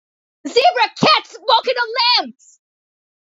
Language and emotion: English, disgusted